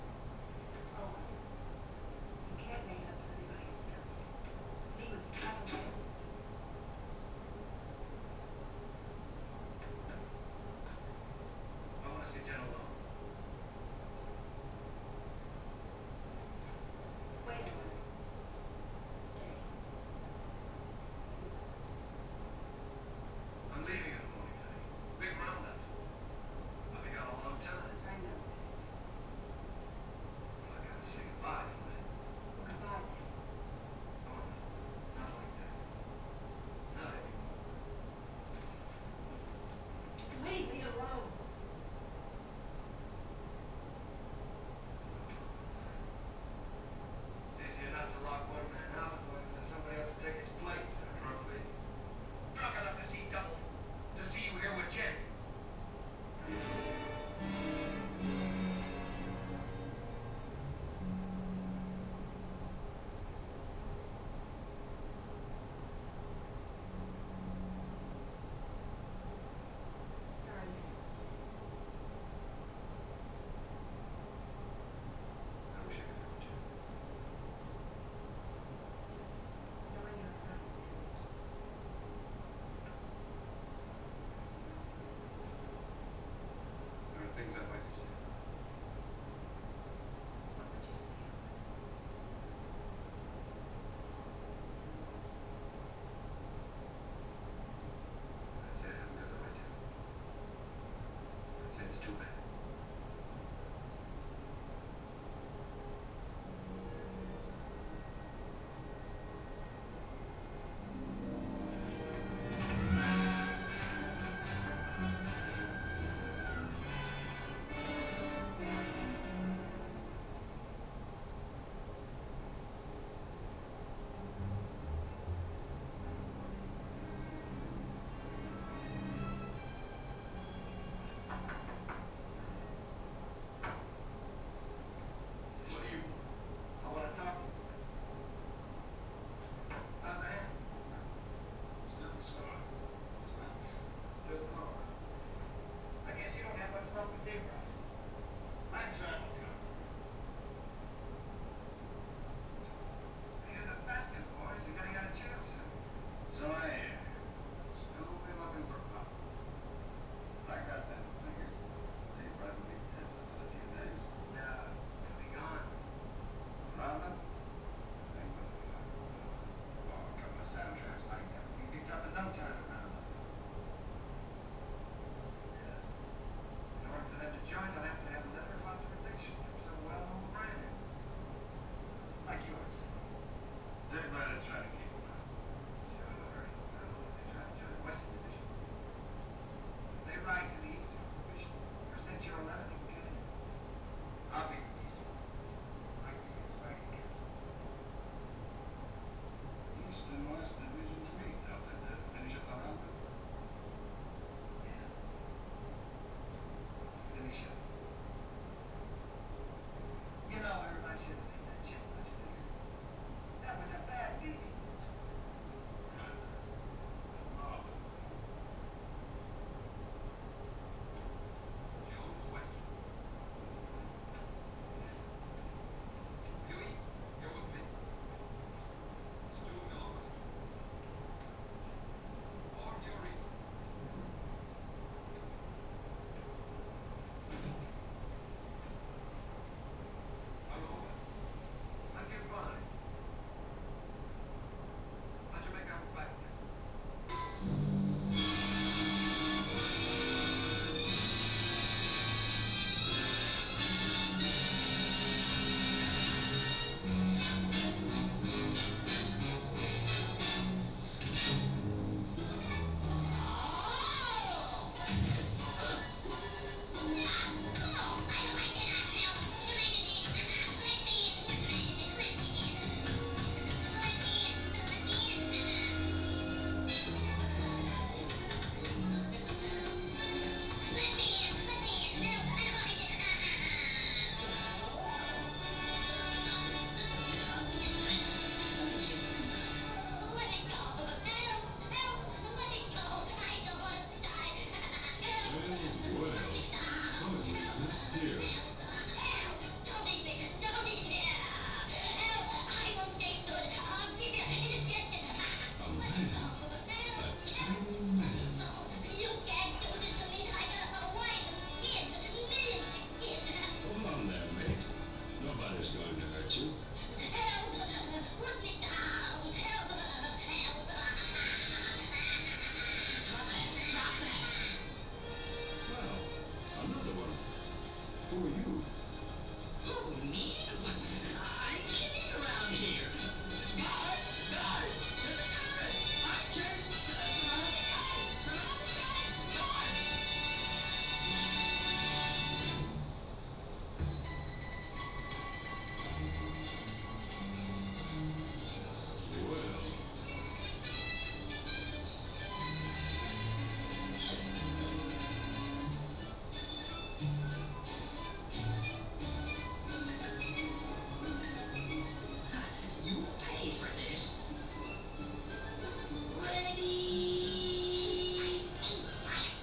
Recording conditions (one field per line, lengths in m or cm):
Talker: no one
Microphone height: 1.8 m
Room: small (3.7 m by 2.7 m)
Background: television